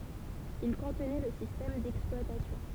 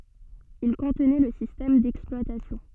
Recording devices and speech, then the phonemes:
temple vibration pickup, soft in-ear microphone, read sentence
il kɔ̃tnɛ lə sistɛm dɛksplwatasjɔ̃

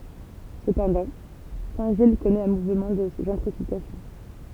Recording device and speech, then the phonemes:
temple vibration pickup, read sentence
səpɑ̃dɑ̃ sɛ̃tʒij kɔnɛt œ̃ muvmɑ̃ də ʒɑ̃tʁifikasjɔ̃

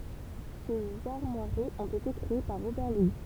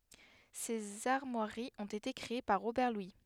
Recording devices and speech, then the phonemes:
temple vibration pickup, headset microphone, read sentence
sez aʁmwaʁiz ɔ̃t ete kʁee paʁ ʁobɛʁ lwi

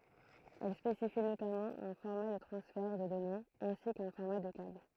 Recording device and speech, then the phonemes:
throat microphone, read sentence
ɛl spesifi notamɑ̃ œ̃ fɔʁma də tʁɑ̃sfɛʁ də dɔnez ɛ̃si kœ̃ fɔʁma də kabl

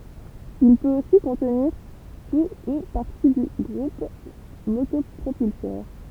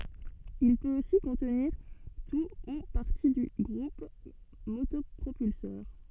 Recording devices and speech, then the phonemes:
temple vibration pickup, soft in-ear microphone, read sentence
il pøt osi kɔ̃tniʁ tu u paʁti dy ɡʁup motɔpʁopylsœʁ

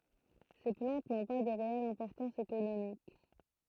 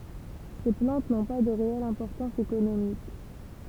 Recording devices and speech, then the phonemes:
throat microphone, temple vibration pickup, read sentence
se plɑ̃t nɔ̃ pa də ʁeɛl ɛ̃pɔʁtɑ̃s ekonomik

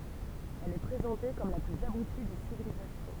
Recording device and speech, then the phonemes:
temple vibration pickup, read sentence
ɛl ɛ pʁezɑ̃te kɔm la plyz abuti de sivilizasjɔ̃

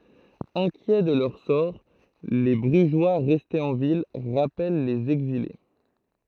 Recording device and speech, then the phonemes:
throat microphone, read sentence
ɛ̃kjɛ də lœʁ sɔʁ le bʁyʒwa ʁɛstez ɑ̃ vil ʁapɛl lez ɛɡzile

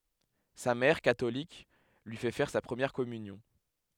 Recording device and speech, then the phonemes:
headset microphone, read sentence
sa mɛʁ katolik lyi fɛ fɛʁ sa pʁəmjɛʁ kɔmynjɔ̃

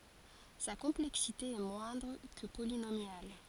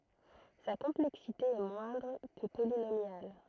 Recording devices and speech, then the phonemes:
forehead accelerometer, throat microphone, read sentence
sa kɔ̃plɛksite ɛ mwɛ̃dʁ kə polinomjal

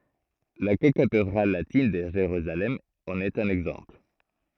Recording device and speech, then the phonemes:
throat microphone, read sentence
la kokatedʁal latin də ʒeʁyzalɛm ɑ̃n ɛt œ̃n ɛɡzɑ̃pl

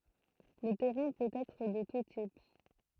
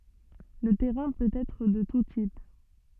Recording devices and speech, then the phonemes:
throat microphone, soft in-ear microphone, read sentence
lə tɛʁɛ̃ pøt ɛtʁ də tu tip

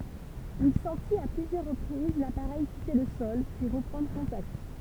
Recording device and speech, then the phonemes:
temple vibration pickup, read sentence
il sɑ̃tit a plyzjœʁ ʁəpʁiz lapaʁɛj kite lə sɔl pyi ʁəpʁɑ̃dʁ kɔ̃takt

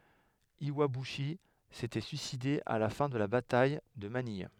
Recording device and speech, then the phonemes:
headset microphone, read sentence
jwabyʃi setɛ syiside a la fɛ̃ də la bataj də manij

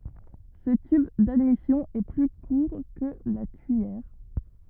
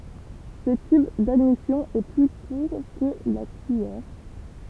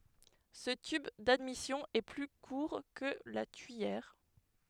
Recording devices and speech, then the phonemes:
rigid in-ear microphone, temple vibration pickup, headset microphone, read sentence
sə tyb dadmisjɔ̃ ɛ ply kuʁ kə la tyijɛʁ

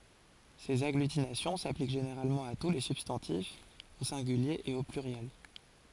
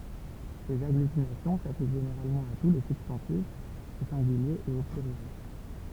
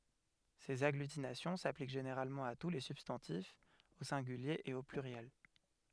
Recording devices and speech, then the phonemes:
forehead accelerometer, temple vibration pickup, headset microphone, read sentence
sez aɡlytinasjɔ̃ saplik ʒeneʁalmɑ̃ a tu le sybstɑ̃tifz o sɛ̃ɡylje e o plyʁjɛl

